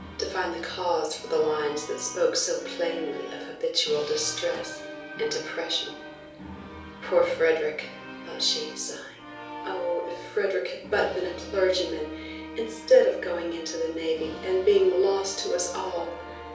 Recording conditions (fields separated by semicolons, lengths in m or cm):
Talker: one person; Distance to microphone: 3.0 m; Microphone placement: far; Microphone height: 1.8 m; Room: small (3.7 m by 2.7 m); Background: music